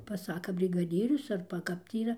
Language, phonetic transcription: Lithuanian, paˈsaka brigaˈdyrius ˈarba ˈkap tį yˈra

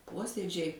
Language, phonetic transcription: Lithuanian, ˈposiedžiai

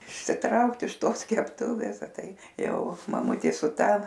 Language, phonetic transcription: Lithuanian, išsiˈtraukt iš ˈtos kepˈtuvės a ˈtai ˈjau maˈmutė su ˈta

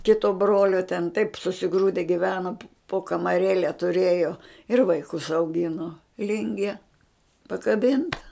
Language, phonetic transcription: Lithuanian, ˈkito ˈbrolio ten taip susiˈgrūde giˈveno po kamaˈrėle tuˈrėjo ir vaiˈkus auˈgino ˈlingie pakaˈbinta

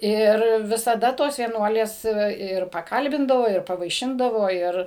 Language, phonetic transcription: Lithuanian, ˈir visaˈda ˈtos vieˈnuolės tai ˈva ir paˈkalbindavo ir pavaiˈšindavo ˈir

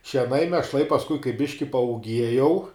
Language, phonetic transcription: Lithuanian, šieˈnai miešˈlai pasˈkui kai ˈbiški paūˈgiejau

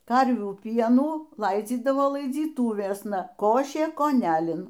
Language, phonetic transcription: Lithuanian, ˈkarvių ˈpienų ˈlaidzydavo laidzyˈtūvėsna ˈkošė koˈnælin

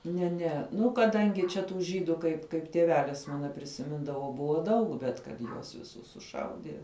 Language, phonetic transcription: Lithuanian, ne ˈne ˈnu kaˈdangi čia tų ˈžydu kaip kaip tieˈvelis ˈmana prisiˈmindavo ˈbuvo ˈdaug bet kad ˈjuos viˈsus suˈšaudie

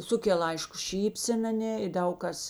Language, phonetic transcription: Lithuanian, ˈsukel ˈaišku ˈšypsen aˈnė i ˈdaug kas

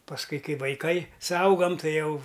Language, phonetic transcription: Lithuanian, pasˈkui ˈkai vaiˈkai suauˈgam ˈtai ˈjau

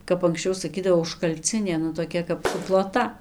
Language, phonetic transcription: Lithuanian, kap anksˈčiau saˈkydavo užkalˈcinė nu toˈkia kap suploˈta

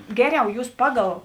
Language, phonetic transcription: Lithuanian, ˈgeˌriau ˈjūs ˈpaˌgal

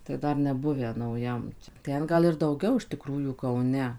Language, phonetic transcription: Lithuanian, tai ˈdar neˈbuvę nauˈjam ˈten ˈgal ir dauˈgiau iš tiˈkrųjų kauˈne

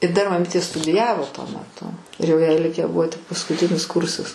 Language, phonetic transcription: Lithuanian, i dar maˈmytė studiˈjavo tuo meˈtu ir jau jai ˈlikę ˈbuvo tik paskuˈtinis ˈkursas

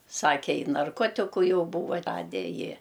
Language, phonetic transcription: Lithuanian, ˈsake ˈi narˈkotiku ˈjau ˈbūva ˈrade ˈji

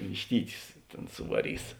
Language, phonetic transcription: Lithuanian, višˈtytius ˈtėn suvaˈrys

